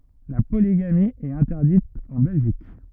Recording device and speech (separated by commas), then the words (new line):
rigid in-ear microphone, read sentence
La polygamie est interdite en Belgique.